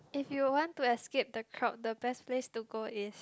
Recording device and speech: close-talking microphone, conversation in the same room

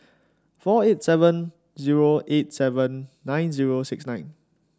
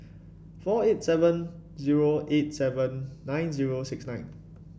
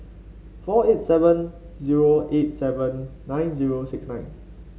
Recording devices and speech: standing microphone (AKG C214), boundary microphone (BM630), mobile phone (Samsung C5), read sentence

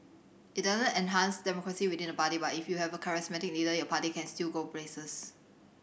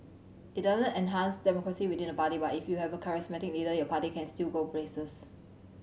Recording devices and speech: boundary microphone (BM630), mobile phone (Samsung C7100), read sentence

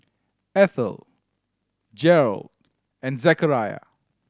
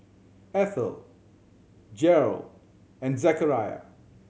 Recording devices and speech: standing microphone (AKG C214), mobile phone (Samsung C7100), read sentence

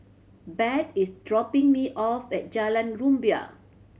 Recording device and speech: mobile phone (Samsung C7100), read sentence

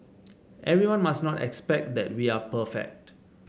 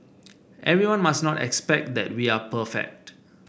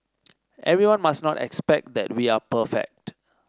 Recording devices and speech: mobile phone (Samsung C7), boundary microphone (BM630), standing microphone (AKG C214), read sentence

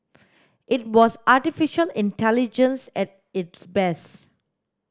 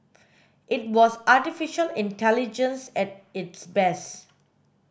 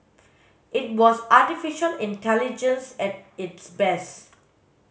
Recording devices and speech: standing microphone (AKG C214), boundary microphone (BM630), mobile phone (Samsung S8), read sentence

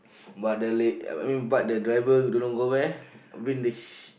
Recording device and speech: boundary microphone, conversation in the same room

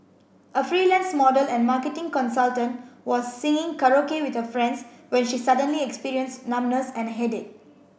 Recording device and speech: boundary microphone (BM630), read sentence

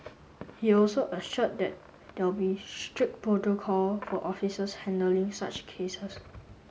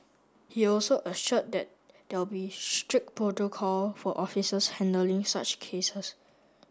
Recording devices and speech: mobile phone (Samsung S8), standing microphone (AKG C214), read sentence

